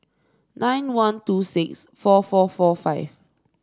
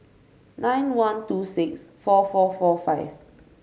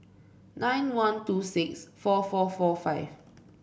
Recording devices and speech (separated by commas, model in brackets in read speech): standing microphone (AKG C214), mobile phone (Samsung C5), boundary microphone (BM630), read sentence